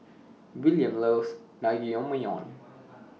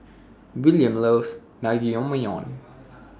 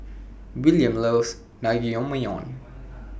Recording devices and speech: mobile phone (iPhone 6), standing microphone (AKG C214), boundary microphone (BM630), read sentence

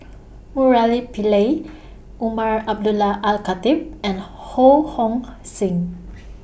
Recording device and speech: boundary microphone (BM630), read sentence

